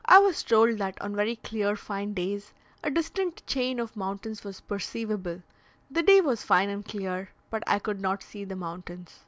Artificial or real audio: real